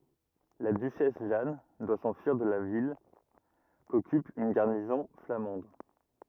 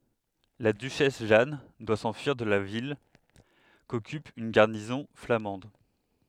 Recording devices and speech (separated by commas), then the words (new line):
rigid in-ear microphone, headset microphone, read sentence
La duchesse Jeanne doit s'enfuir de la ville, qu'occupe une garnison flamande.